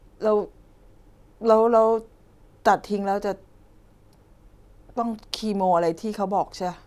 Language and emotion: Thai, sad